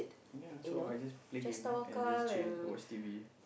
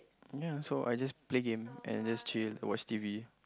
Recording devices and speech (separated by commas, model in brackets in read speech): boundary microphone, close-talking microphone, conversation in the same room